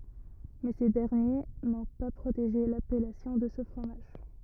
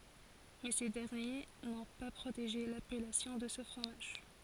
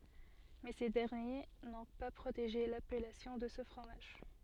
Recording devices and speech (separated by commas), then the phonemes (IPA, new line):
rigid in-ear microphone, forehead accelerometer, soft in-ear microphone, read sentence
mɛ se dɛʁnje nɔ̃ pa pʁoteʒe lapɛlasjɔ̃ də sə fʁomaʒ